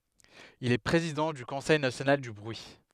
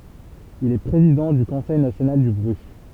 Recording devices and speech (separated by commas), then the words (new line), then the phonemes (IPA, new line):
headset microphone, temple vibration pickup, read sentence
Il est président du Conseil national du bruit.
il ɛ pʁezidɑ̃ dy kɔ̃sɛj nasjonal dy bʁyi